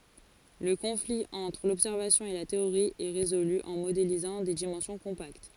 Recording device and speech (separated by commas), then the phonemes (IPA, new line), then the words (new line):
forehead accelerometer, read sentence
lə kɔ̃fli ɑ̃tʁ lɔbsɛʁvasjɔ̃ e la teoʁi ɛ ʁezoly ɑ̃ modelizɑ̃ de dimɑ̃sjɔ̃ kɔ̃pakt
Le conflit entre l'observation et la théorie est résolu en modélisant des dimensions compactes.